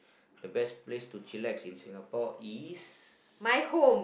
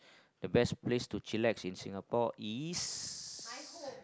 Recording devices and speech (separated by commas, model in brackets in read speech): boundary microphone, close-talking microphone, conversation in the same room